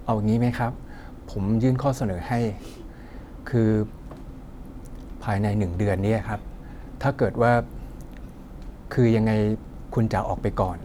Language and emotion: Thai, neutral